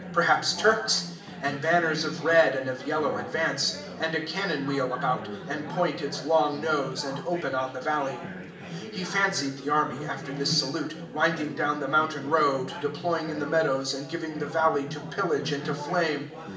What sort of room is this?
A spacious room.